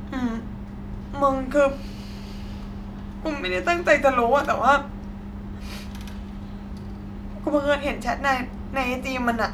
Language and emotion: Thai, sad